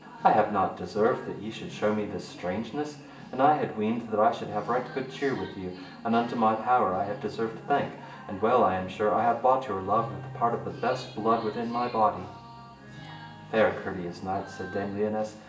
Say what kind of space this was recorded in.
A sizeable room.